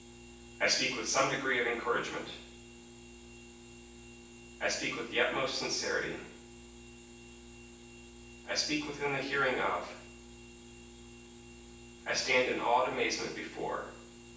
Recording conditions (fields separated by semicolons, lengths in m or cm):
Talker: one person; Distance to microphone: 9.8 m; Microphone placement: far; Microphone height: 1.8 m; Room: large; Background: none